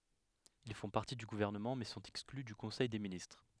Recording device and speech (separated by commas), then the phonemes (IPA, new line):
headset microphone, read sentence
il fɔ̃ paʁti dy ɡuvɛʁnəmɑ̃ mɛ sɔ̃t ɛkskly dy kɔ̃sɛj de ministʁ